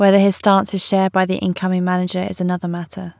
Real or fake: real